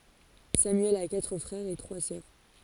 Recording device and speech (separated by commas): forehead accelerometer, read sentence